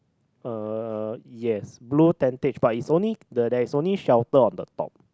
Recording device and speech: close-talking microphone, conversation in the same room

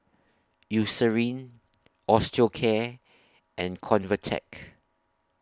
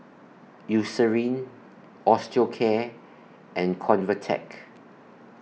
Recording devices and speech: standing microphone (AKG C214), mobile phone (iPhone 6), read sentence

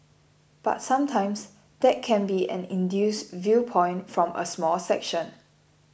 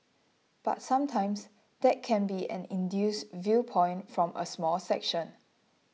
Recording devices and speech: boundary microphone (BM630), mobile phone (iPhone 6), read sentence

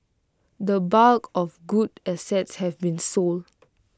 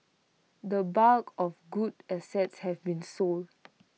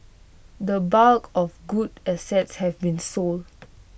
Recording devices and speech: close-talking microphone (WH20), mobile phone (iPhone 6), boundary microphone (BM630), read sentence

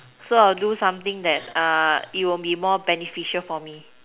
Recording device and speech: telephone, conversation in separate rooms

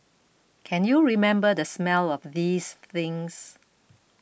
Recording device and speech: boundary microphone (BM630), read sentence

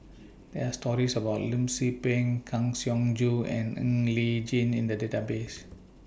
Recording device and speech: boundary microphone (BM630), read sentence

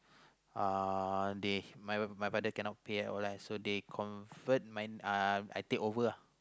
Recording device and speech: close-talking microphone, conversation in the same room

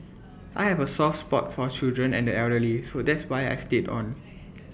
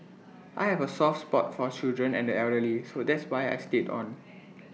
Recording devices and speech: boundary microphone (BM630), mobile phone (iPhone 6), read sentence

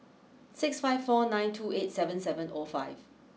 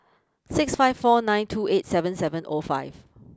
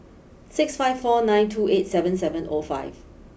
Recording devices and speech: mobile phone (iPhone 6), close-talking microphone (WH20), boundary microphone (BM630), read sentence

